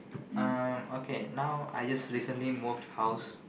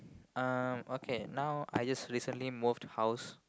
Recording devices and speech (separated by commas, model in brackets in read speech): boundary microphone, close-talking microphone, conversation in the same room